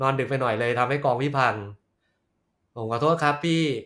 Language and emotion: Thai, happy